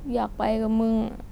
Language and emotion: Thai, sad